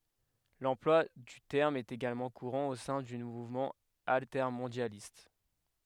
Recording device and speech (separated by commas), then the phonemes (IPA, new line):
headset microphone, read sentence
lɑ̃plwa dy tɛʁm ɛt eɡalmɑ̃ kuʁɑ̃ o sɛ̃ dy muvmɑ̃ altɛʁmɔ̃djalist